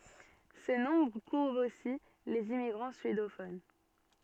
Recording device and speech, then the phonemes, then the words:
soft in-ear microphone, read sentence
sə nɔ̃bʁ kuvʁ osi lez immiɡʁɑ̃ syedofon
Ce nombre couvre aussi les immigrants suédophones.

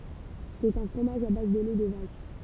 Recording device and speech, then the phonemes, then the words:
temple vibration pickup, read sentence
sɛt œ̃ fʁomaʒ a baz də lɛ də vaʃ
C'est un fromage à base de lait de vache.

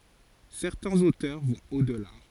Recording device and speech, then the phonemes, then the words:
forehead accelerometer, read sentence
sɛʁtɛ̃z otœʁ vɔ̃t o dəla
Certains auteurs vont au-delà.

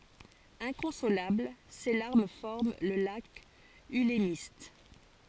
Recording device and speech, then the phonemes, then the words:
forehead accelerometer, read sentence
ɛ̃kɔ̃solabl se laʁm fɔʁm lə lak ylmist
Inconsolable, ses larmes forment le lac Ülemiste.

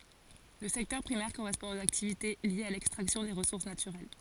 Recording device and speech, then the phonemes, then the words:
forehead accelerometer, read sentence
lə sɛktœʁ pʁimɛʁ koʁɛspɔ̃ oz aktivite ljez a lɛkstʁaksjɔ̃ de ʁəsuʁs natyʁɛl
Le secteur primaire correspond aux activités liées à l'extraction des ressources naturelles.

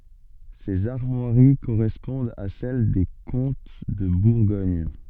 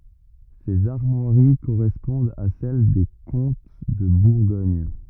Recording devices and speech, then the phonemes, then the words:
soft in-ear microphone, rigid in-ear microphone, read sentence
sez aʁmwaʁi koʁɛspɔ̃dt a sɛl de kɔ̃t də buʁɡɔɲ
Ces armoiries correspondent à celle des comtes de Bourgogne.

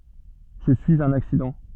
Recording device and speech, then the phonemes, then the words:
soft in-ear microphone, read sentence
ʒə syiz œ̃n aksidɑ̃
Je suis un accident.

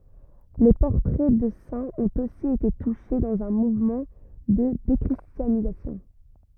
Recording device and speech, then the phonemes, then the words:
rigid in-ear microphone, read sentence
le pɔʁtʁɛ də sɛ̃z ɔ̃t osi ete tuʃe dɑ̃z œ̃ muvmɑ̃ də dekʁistjanizasjɔ̃
Les portraits de saints ont aussi été touchés, dans un mouvement de déchristianisation.

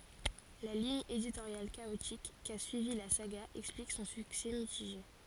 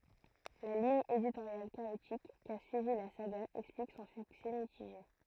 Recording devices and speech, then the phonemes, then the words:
forehead accelerometer, throat microphone, read sentence
la liɲ editoʁjal kaotik ka syivi la saɡa ɛksplik sɔ̃ syksɛ mitiʒe
La ligne éditoriale chaotique qu'a suivie la saga explique son succès mitigé.

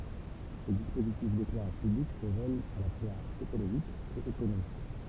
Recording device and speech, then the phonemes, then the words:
temple vibration pickup, read sentence
se dispozitif deklɛʁaʒ pyblik sə vœlt a la fwaz ekoloʒik e ekonomik
Ces dispositifs d'éclairage public se veulent à la fois écologique et économique.

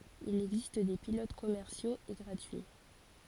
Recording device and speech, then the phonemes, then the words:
forehead accelerometer, read sentence
il ɛɡzist de pilot kɔmɛʁsjoz e ɡʁatyi
Il existe des pilotes commerciaux et gratuits.

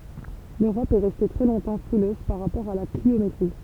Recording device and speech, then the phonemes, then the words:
temple vibration pickup, read sentence
løʁɔp ɛ ʁɛste tʁɛ lɔ̃tɑ̃ fʁiløz paʁ ʁapɔʁ a la kliometʁi
L’Europe est restée très longtemps frileuse par rapport à la cliométrie.

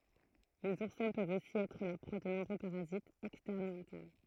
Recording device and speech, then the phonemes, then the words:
throat microphone, read sentence
lez uʁsɛ̃ pøvt osi ɛtʁ la pʁwa də nɔ̃bʁø paʁazitz ɛkstɛʁn u ɛ̃tɛʁn
Les oursins peuvent aussi être la proie de nombreux parasites, externes ou internes.

